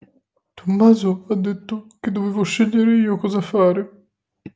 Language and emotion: Italian, sad